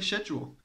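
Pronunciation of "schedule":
'Schedule' is said with the British English pronunciation, the way it is supposed to be said in England.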